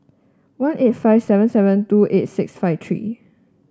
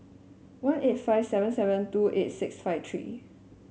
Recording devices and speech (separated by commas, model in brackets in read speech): standing microphone (AKG C214), mobile phone (Samsung S8), read sentence